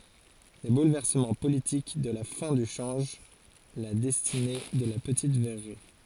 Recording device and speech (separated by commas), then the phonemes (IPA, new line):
forehead accelerometer, read sentence
le bulvɛʁsəmɑ̃ politik də la fɛ̃ dy ʃɑ̃ʒ la dɛstine də la pətit vɛʁʁi